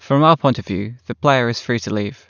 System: none